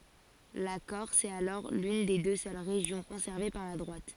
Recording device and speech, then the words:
forehead accelerometer, read sentence
La Corse est alors l'une des deux seules régions conservées par la droite.

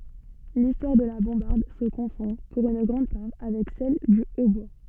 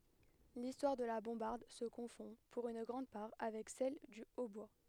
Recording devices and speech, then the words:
soft in-ear microphone, headset microphone, read sentence
L'histoire de la bombarde se confond, pour une grande part, avec celle du hautbois.

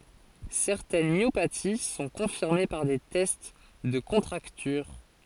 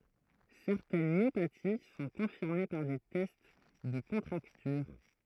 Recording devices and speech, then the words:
forehead accelerometer, throat microphone, read sentence
Certaines myopathies sont confirmées par des tests de contracture.

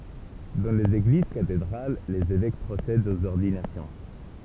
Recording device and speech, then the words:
temple vibration pickup, read sentence
Dans les églises cathédrales, les évêques procèdent aux ordinations.

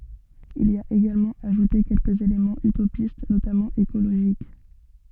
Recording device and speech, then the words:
soft in-ear microphone, read sentence
Il y a également ajouté quelques éléments utopistes, notamment écologiques.

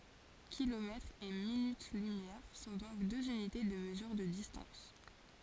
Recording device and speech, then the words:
forehead accelerometer, read sentence
Kilomètres et minutes-lumière sont donc deux unités de mesure de distance.

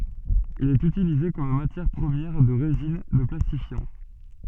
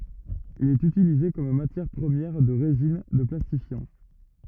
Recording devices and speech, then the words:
soft in-ear microphone, rigid in-ear microphone, read sentence
Il est utilisé comme matière première de résines, de plastifiants.

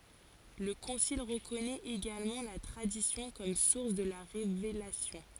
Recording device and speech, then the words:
forehead accelerometer, read sentence
Le concile reconnaît également la Tradition comme source de la Révélation.

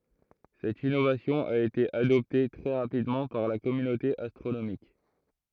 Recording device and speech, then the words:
throat microphone, read sentence
Cette innovation a été adoptée très rapidement par la communauté astronomique.

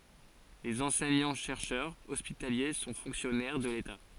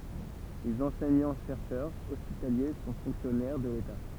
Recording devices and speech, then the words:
forehead accelerometer, temple vibration pickup, read sentence
Les enseignants-chercheurs hospitaliers sont fonctionnaires de l'État.

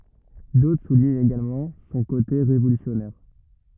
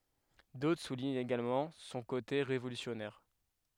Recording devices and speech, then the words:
rigid in-ear microphone, headset microphone, read sentence
D'autres soulignent également son côté révolutionnaire.

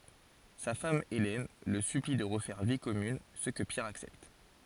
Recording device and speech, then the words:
forehead accelerometer, read sentence
Sa femme Hélène le supplie de refaire vie commune, ce que Pierre accepte.

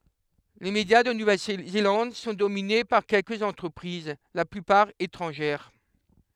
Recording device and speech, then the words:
headset microphone, read sentence
Les médias de Nouvelle-Zélande sont dominés par quelques entreprises, la plupart étrangères.

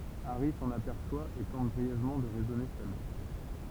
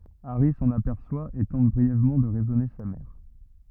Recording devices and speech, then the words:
temple vibration pickup, rigid in-ear microphone, read sentence
Harry s'en aperçoit et tente brièvement de raisonner sa mère.

